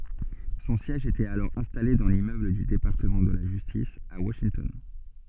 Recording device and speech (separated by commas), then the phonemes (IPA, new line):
soft in-ear microphone, read sentence
sɔ̃ sjɛʒ etɛt alɔʁ ɛ̃stale dɑ̃ limmøbl dy depaʁtəmɑ̃ də la ʒystis a waʃintɔn